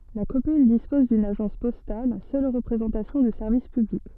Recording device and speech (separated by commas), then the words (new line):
soft in-ear microphone, read sentence
La commune dispose d’une agence postale, seule représentation du service public.